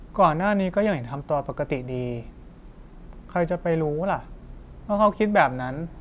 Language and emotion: Thai, neutral